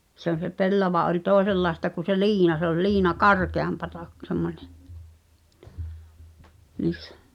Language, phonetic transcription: Finnish, se ‿on̬ se 'pellava ’oĺ "tòesellaesta ku se "liina se ‿ol 'liina "karkeampata k- semmońe , niissᴀ̈ .
- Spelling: se on se pellava oli toisenlaista kuin se liina se oli liina karkeampaa - semmoinen niissä

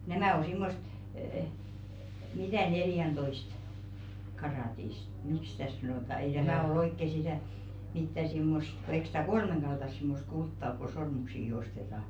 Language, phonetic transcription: Finnish, "nämä̀ o 'simmost əə , mitä̀ "neljäntoist , karàtist , "mikˢ 'sⁱtä̀ sanòta 'ei 'tämä̀ ol ‿oikke "sitä̀ , 'mittä simmost , ko 'eik sɪtä "kolmeŋɢaltas simmost 'kultta ok ku "sormuksiiki 'ostetaa .
- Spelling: nämä on semmoista - mitä neljäntoista karaattista miksi sitä sanotaan ei tämä ole oikein sitä mitä semmoista kun eikö sitä kolmenkaltaista semmoista kultaa ole kun sormuksiakin ostetaan

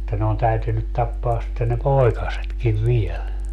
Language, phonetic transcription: Finnish, [et]tä ne on 'täytynyt 'tappaas sitten ne "poi̮kasetkiv "viel .
- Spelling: että ne on täytynyt tappaa sitten ne poikasetkin vielä

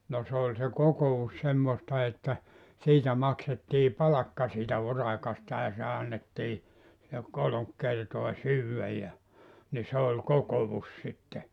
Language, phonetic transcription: Finnish, no se ‿oĺ se "koko₍us 'semmosta että , 'siitä 'maksettii "palakka siitä 'urakasta ja se 'annettii , (ja) 'koloŋk 'kertoa "syywväj ja , ni 'se oĺ "kokovus sitte .
- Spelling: no se oli se kokous semmoista että siitä maksettiin palkka siitä urakasta ja se annettiin ja kolme kertaa syödä ja niin se oli kokous sitten

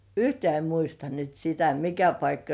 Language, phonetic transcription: Finnish, yhtĕä̀ em 'muista nyt sitä "mikä 'paikka .
- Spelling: yhtään en muista nyt sitä mikä paikka

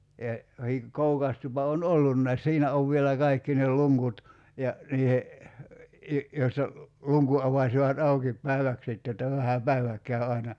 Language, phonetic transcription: Finnish, ja , 'hi- , 'koukas tupa on "ollunnais 'siinä ov vielä 'kaikki nel̆ 'luŋkut , ja , 'niihe , i- , joista , 'luŋku '’avasivat 'aukip 'päiväk sitte [j]otta 'vähä "päi̬vä k̀äy 'ai̬na ,.
- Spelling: ja - kookas tupa on ollutkin siinä on vielä kaikki ne luukut ja niiden - joista luukun avasivat auki päiväksi sitten jotta vähän päivä kävi aina

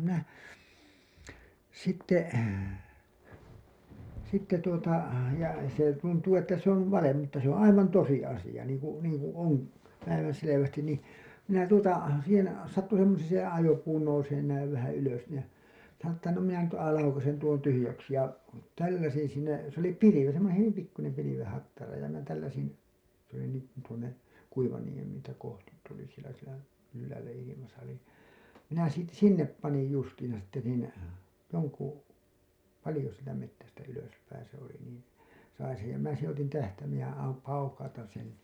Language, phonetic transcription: Finnish, 'minä , 'sitte , sitte tuota , ja , se tuntuu että se ‿on , "valem mutta se ‿oo̰ 'aivan 'tosi 'asiʲa , niiŋ ku , niiŋkuṵ oo̰ , 'päivänselevästin nì , minä tuota , siihen , sattu semmosee se ajopuu nouseen näiv vähä ylös ni ja , (sano) ‿ttä no minä nyt ai- , laukasen tuon 'tyhyjäksi ja , 'tälläsin siinä , se ‿oli 'pilivi , semmoneḛ hyvim pikkunem piliveḛ hattara ja minä tälläsin , s ‿oli niiŋkun tuonne , Kuivaniem- , -tä kohtit tuli sielä sielä ylläälä ilimasa oli , minä siit- , "sinnep panij 'justiiḭsa sitte niin , joŋku , 'palĭjo sieltä mettästä ylöspäiḭ se ‿oli niin̬ , sain sej ja minä seḛ otin 'tähtäimeej ja am- , 'paukautan̬ sen̬ .
- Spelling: minä sitten sitten tuota ja se tuntuu että se on valhe mutta se on aivan tosi asia niin kuin niin kuin on päivänselvästi niin minä tuota siihen sattui semmoiseen se ajopuu nousemaan näin vähän ylös niin ja sanoin että no minä nyt - laukaisen tuon tyhjäksi ja tälläsin siinä se oli pilvi semmoinen hyvin pikkuinen pilven hattara ja minä tälläsin se oli niin kuin tuonne - Kuivaniemeä kohti tuli siellä siellä ylhäällä ilmassa oli minä - sinne panin justiinsa sitten niin jonkun paljon sieltä metsästä ylöspäin se oli niin sain sen ja minä sen otin tähtäimeen ja - paukautan sen

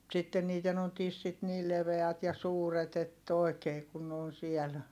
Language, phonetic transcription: Finnish, [mu]t sitten niiten ‿on tissit niil leveät ja suuret ‿ett ‿òi̮kee kun ne on siɛl .
- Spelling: mutta sitten niiden on tissit niillä leveät ja suuret että oikein kun ne on siellä

